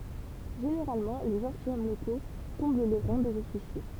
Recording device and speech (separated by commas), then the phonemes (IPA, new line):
temple vibration pickup, read sentence
ʒeneʁalmɑ̃ le ʒɑ̃tilʃɔm loko kɔ̃bl le ʁɑ̃ dez ɔfisje